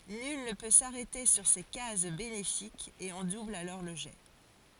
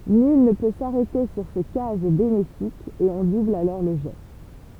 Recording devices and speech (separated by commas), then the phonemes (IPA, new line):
forehead accelerometer, temple vibration pickup, read sentence
nyl nə pø saʁɛte syʁ se kaz benefikz e ɔ̃ dubl alɔʁ lə ʒɛ